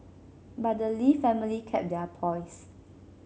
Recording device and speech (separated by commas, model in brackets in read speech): mobile phone (Samsung C7), read sentence